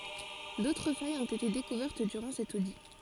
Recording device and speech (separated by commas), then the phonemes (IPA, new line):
forehead accelerometer, read sentence
dotʁ fajz ɔ̃t ete dekuvɛʁt dyʁɑ̃ sɛt odi